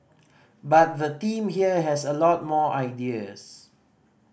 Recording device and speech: boundary microphone (BM630), read sentence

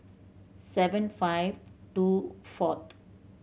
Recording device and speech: mobile phone (Samsung C7100), read sentence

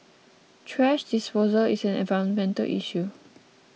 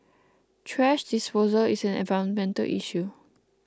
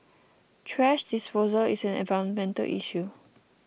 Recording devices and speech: mobile phone (iPhone 6), close-talking microphone (WH20), boundary microphone (BM630), read sentence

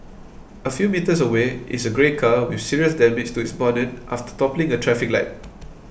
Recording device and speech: boundary microphone (BM630), read sentence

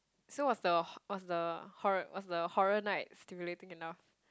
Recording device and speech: close-talking microphone, conversation in the same room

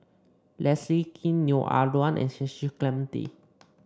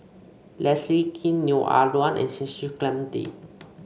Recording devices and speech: standing microphone (AKG C214), mobile phone (Samsung C5), read sentence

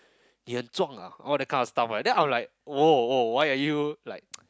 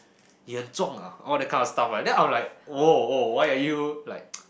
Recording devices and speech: close-talking microphone, boundary microphone, conversation in the same room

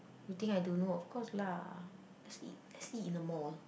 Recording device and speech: boundary microphone, conversation in the same room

